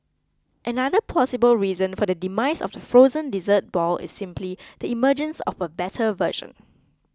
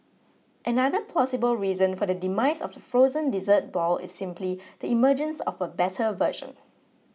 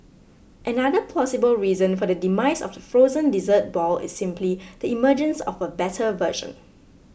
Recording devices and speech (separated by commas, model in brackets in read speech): close-talking microphone (WH20), mobile phone (iPhone 6), boundary microphone (BM630), read sentence